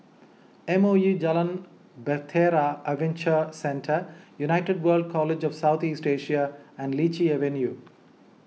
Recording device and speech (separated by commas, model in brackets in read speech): mobile phone (iPhone 6), read sentence